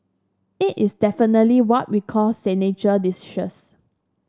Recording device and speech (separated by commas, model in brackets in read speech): standing microphone (AKG C214), read sentence